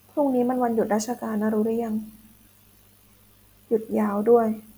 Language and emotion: Thai, sad